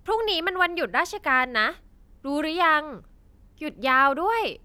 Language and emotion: Thai, happy